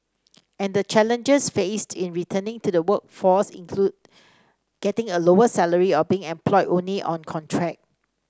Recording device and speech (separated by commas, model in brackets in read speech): standing microphone (AKG C214), read sentence